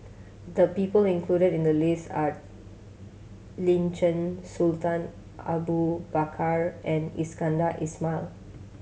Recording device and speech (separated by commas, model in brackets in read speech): mobile phone (Samsung C7100), read sentence